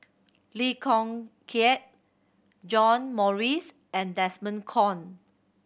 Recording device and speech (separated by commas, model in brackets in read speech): boundary microphone (BM630), read sentence